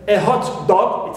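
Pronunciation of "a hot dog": In 'a hot dog', the stress falls on 'dog', the second word.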